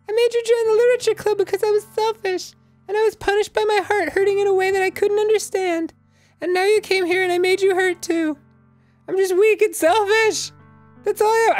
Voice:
Falsetto